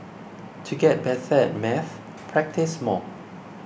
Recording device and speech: boundary microphone (BM630), read sentence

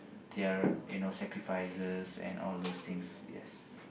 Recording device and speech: boundary microphone, conversation in the same room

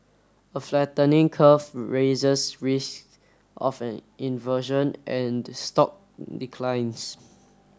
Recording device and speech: standing microphone (AKG C214), read sentence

